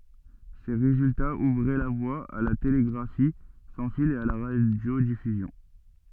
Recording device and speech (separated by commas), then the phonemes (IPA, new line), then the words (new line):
soft in-ear microphone, read sentence
se ʁezyltaz uvʁɛ la vwa a la teleɡʁafi sɑ̃ fil e a la ʁadjodifyzjɔ̃
Ces résultats ouvraient la voie à la télégraphie sans fil et à la radiodiffusion.